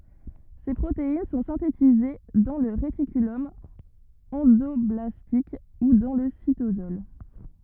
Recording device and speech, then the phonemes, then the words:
rigid in-ear microphone, read sentence
se pʁotein sɔ̃ sɛ̃tetize dɑ̃ lə ʁetikylɔm ɑ̃dɔblastik u dɑ̃ lə sitosɔl
Ces protéines sont synthétisées dans le réticulum endoblastique ou dans le cytosol.

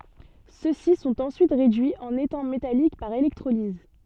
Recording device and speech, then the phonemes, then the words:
soft in-ear microphone, read sentence
sø si sɔ̃t ɑ̃syit ʁedyiz ɑ̃n etɛ̃ metalik paʁ elɛktʁoliz
Ceux-ci sont ensuite réduits en étain métallique par électrolyse.

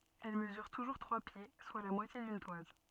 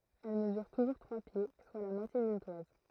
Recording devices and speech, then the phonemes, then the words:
soft in-ear microphone, throat microphone, read sentence
ɛl məzyʁ tuʒuʁ tʁwa pje swa la mwatje dyn twaz
Elle mesure toujours trois pieds, soit la moitié d'une toise.

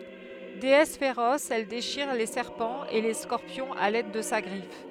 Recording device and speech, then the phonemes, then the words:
headset microphone, read sentence
deɛs feʁɔs ɛl deʃiʁ le sɛʁpɑ̃z e le skɔʁpjɔ̃z a lɛd də sa ɡʁif
Déesse féroce, elle déchire les serpents et les scorpions à l'aide de sa griffe.

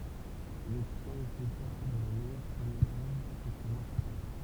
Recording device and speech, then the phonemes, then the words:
temple vibration pickup, read sentence
il ɔbtjɛ̃ lə sezaʁ də la mɛjœʁ pʁəmjɛʁ œvʁ kɛlkə mwa ply taʁ
Il obtient le César de la meilleure première œuvre quelques mois plus tard.

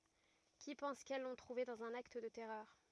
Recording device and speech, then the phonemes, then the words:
rigid in-ear microphone, read sentence
ki pɑ̃s kɛl lɔ̃ tʁuve dɑ̃z œ̃n akt də tɛʁœʁ
Qui pensent qu'elles l'ont trouvée dans un acte de terreur.

